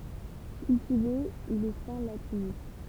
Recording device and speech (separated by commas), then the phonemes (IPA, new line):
temple vibration pickup, read sentence
kyltive il ɛ fɛ̃ latinist